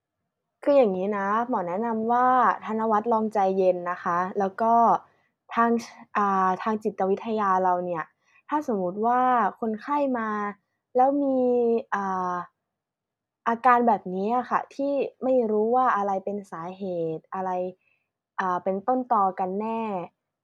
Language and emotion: Thai, neutral